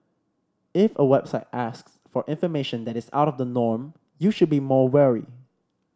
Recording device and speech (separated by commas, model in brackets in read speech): standing microphone (AKG C214), read sentence